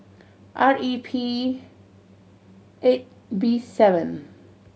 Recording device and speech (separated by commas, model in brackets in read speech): mobile phone (Samsung C7100), read sentence